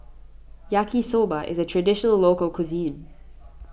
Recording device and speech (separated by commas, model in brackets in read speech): boundary microphone (BM630), read sentence